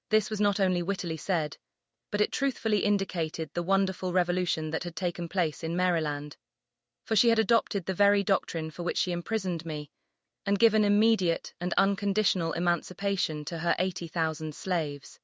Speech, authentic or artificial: artificial